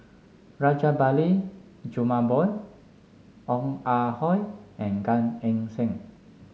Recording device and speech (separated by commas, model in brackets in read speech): mobile phone (Samsung S8), read sentence